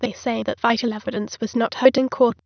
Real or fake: fake